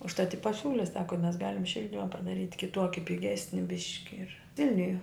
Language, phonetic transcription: Lithuanian, užˈtat i paˈsiūli ˈsako mes ˈgalim ˈšildima padaˈryt' kiˈtuoki piˈgesni ˈbiški ir ˈvilniuje

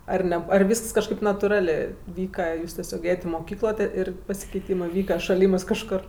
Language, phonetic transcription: Lithuanian, ar ˈne ar ˈvysks kažˈkaip natuˈralė ˈvyka ˈjūs teˈsiog ˈėjat' i moˈkyklo tė ˈir pasikeiˈtymɜ ˈvyka šaˈlymɜs kažˈkor

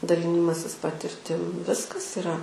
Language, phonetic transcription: Lithuanian, daˈlinimasis patirˈtim ˈviskas iˈra

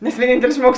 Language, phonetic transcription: Lithuanian, nes vieˈnyntelis ˈžmuogus

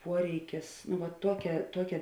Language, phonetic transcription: Lithuanian, ˈpuoreikis nu va ˈtuokia ˈtuokia

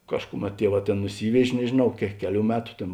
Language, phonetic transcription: Lithuanian, ˈkažkuˌmet ˈtieˌvā ˈtėn nuˈsyvež' nežėˈnau ke ˈkeˌlių ˈmetu ˈtėn

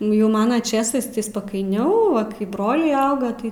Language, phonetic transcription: Lithuanian, nu ˈjau ˈmana ˈčėsais tai spakaiˈniau ˈva kai ˈbroliai ˈauga ˈtai

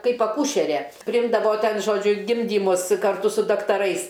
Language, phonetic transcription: Lithuanian, ˈkaip aˈkūšere priˈimdavo ˈten ˈžodžiu ˈgimdymus karˈtu su daktaˈrais

